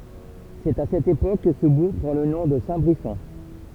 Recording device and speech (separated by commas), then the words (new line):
temple vibration pickup, read sentence
C'est à cette époque que ce bourg prend le nom de Saint-Brisson.